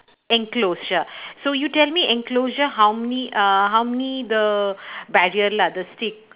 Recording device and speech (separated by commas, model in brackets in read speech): telephone, conversation in separate rooms